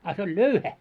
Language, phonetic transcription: Finnish, a se ‿oĺ "löuhä .
- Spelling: a se oli löyhä

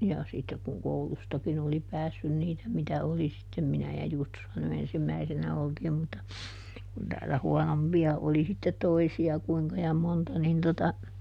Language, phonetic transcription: Finnish, ja ˈsittek kuŋ ˈkoulustakin ‿oli ˈpäässyn ˈniitä mitä "oli sittem - ˈminä ja ˈJustushan ny ˈensim"mäisinä ˈoltiim mutta , kun ˈtäällä ˈhuɔnompi₍a oli sittet "toisi₍a ˈkuiŋka ja ˈmonta nin tota ,.
- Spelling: ja sitten kun koulustakin oli päässyt niitä mitä oli sitten minä ja Justushan nyt ensimmäisinä oltiin mutta kun täällä huonompia oli sitten toisia kuinka ja monta niin tuota

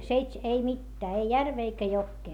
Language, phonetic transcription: Finnish, seits- , seits- , ei mittää ei järvee eikä jokkee .
- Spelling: - - ei mitään ei järveä eikä jokea

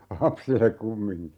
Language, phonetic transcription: Finnish, "lapsillek 'kummiŋki .
- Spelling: lapsille kumminkin

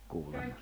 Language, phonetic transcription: Finnish, kuulema .
- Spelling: kuulemma

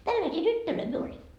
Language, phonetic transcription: Finnish, 'tälläsii "tyttölöi myö oĺi .
- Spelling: tällaisia tyttöjä me oli

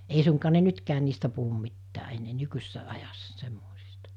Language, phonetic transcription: Finnish, ei suŋkaa ne 'nytkään̆ niistä puhum 'mittää ennee 'nykysessä ajassa 'semmòisɪstᴀ .
- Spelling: ei suinkaan ne nytkään niistä puhu mitään enää nykyisessä ajassa semmoisista

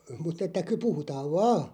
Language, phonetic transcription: Finnish, mut ‿että ky- 'puhutaav "vaa .
- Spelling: mutta että - puhutaan vain

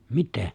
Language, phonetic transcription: Finnish, 'mittɛ̀ ?
- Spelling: mitä

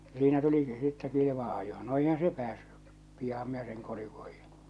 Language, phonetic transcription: Finnish, ja siinä tuliki sittɛ 'kilivaa̰ ajᴏ , no eihää̰ 'se 'pᵉäässʏ , 'pi₍aham minä seŋ (kolh̬iv --) .
- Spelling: ja siinä tulikin sitten kilvan ajo no eihän se päässyt pianhan minä sen kolhin

